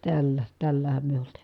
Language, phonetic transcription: Finnish, tällä , tällähäm myö (olt) .
- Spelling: tällä tällähän me -

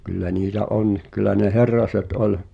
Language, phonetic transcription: Finnish, kyllä niitä "onniᵏ kyl̆lä ne "Herraset ’ol ,.
- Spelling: kyllä niitä on kyllä ne Herraset oli

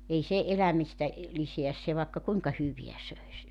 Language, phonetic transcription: Finnish, 'ei se , 'elämistä , 'liseäs se vàekka 'kuiŋka "hyviä 'söis .
- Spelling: ei se elämistä lisää se vaikka kuinka hyvää söisi

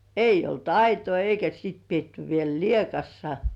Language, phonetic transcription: Finnish, 'eij̆j ‿olt "aitoi eikä sìt pietty 'viel "liekassa .
- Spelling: ei ollut aitoja eikä sitten pidetty vielä lieassa

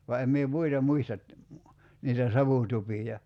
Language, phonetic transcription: Finnish, va 'em mie "muita 'muistat , niitä 'savùtupija .
- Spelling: vaan en minä muita muista niitä savutupia

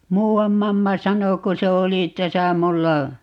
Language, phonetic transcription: Finnish, "muu₍am 'mamma 'sano ku se 'oli 'täsä 'mulla ,.
- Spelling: muuan mamma sanoi kun se oli tässä minulla

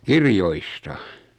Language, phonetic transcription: Finnish, kirjoista .
- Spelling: kirjoista

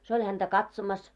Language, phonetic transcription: Finnish, se oĺ häntä "katsomas .
- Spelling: se oli häntä katsomassa

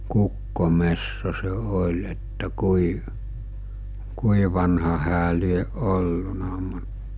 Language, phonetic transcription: Finnish, 'kukkomesso se 'oĺ että 'kui , 'kui vanha hää lieˀ 'ˀolluna mu(t) .
- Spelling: kukkometso se oli että kuinka kuinka vanha hän lie ollut mutta

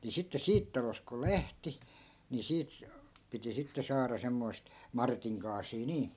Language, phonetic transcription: Finnish, ni sitte 'siit talosᵗ kul̆ "lähti , ni 'siit , piti 'sitte saara 'semmoi̮st , "martiŋ 'kaasii 'nii .
- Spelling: niin sitten siitä talosta kun lähti niin siitä piti sitten saada semmoista Martin kaasia niin

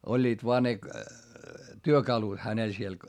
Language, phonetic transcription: Finnish, oĺĺiit voa ne , työkalut hänel siel .
- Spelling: olivat vain ne työkalut hänellä siellä

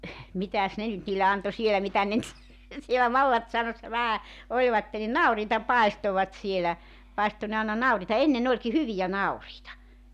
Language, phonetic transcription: Finnish, 'mitäs 'ne nyt niille 'anto 'sielä mitä ne nyt , sielä "mallatsaunassa 'vähä , 'oĺvatte ni "nauriita "paestovat 'sielä , 'paisto ne àena "nauriita 'enne'n ‿oĺki "hyvijä "nauriita .
- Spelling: mitäs ne nyt niille antoi siellä mitä ne nyt siellä mallassaunassa vähän olivat niin nauriita paistoivat siellä paistoi ne aina nauriita ennen olikin hyviä nauriita

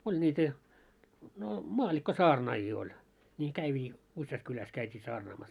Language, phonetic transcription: Finnish, 'oĺ ńiitä , no 'maallikko"saarnaajii oĺ , ńi kävvii(t) , 'usjas 'kyläs käit́ii 'saarnaamas .
- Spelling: oli niitä no maallikkosaarnaajia oli niin käyvät useasti kylässä käytiin saarnaamassa

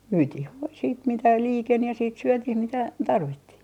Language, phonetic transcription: Finnish, 'myytih "voi siit mitä 'liiken ja siit 'syötiih mitä , "tarvittih .
- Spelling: myytiin voi sitten mitä liikeni ja sitten syötiin mitä tarvittiin

